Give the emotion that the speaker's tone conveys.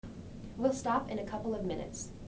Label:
neutral